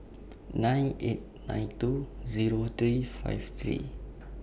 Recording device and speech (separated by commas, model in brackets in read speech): boundary microphone (BM630), read sentence